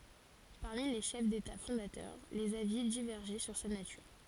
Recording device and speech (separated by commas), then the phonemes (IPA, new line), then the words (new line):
forehead accelerometer, read sentence
paʁmi le ʃɛf deta fɔ̃datœʁ lez avi divɛʁʒɛ syʁ sa natyʁ
Parmi les chefs d'État fondateurs, les avis divergeaient sur sa nature.